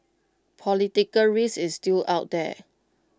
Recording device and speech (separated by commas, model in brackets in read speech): close-talking microphone (WH20), read sentence